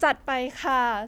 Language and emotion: Thai, happy